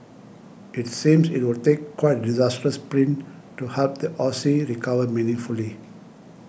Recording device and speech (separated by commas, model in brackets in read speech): boundary microphone (BM630), read sentence